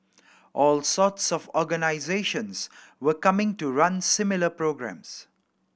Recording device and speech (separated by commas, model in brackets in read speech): boundary microphone (BM630), read sentence